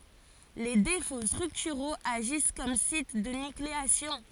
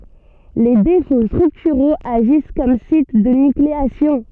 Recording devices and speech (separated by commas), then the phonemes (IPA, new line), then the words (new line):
forehead accelerometer, soft in-ear microphone, read sentence
le defo stʁyktyʁoz aʒis kɔm sit də nykleasjɔ̃
Les défauts structuraux agissent comme sites de nucléation.